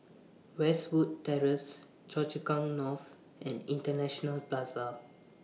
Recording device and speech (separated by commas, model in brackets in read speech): mobile phone (iPhone 6), read sentence